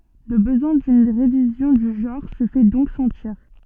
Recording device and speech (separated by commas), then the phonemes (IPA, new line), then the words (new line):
soft in-ear microphone, read sentence
lə bəzwɛ̃ dyn ʁevizjɔ̃ dy ʒɑ̃ʁ sə fɛ dɔ̃k sɑ̃tiʁ
Le besoin d'une révision du genre se fait donc sentir.